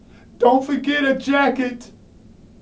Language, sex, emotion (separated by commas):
English, male, sad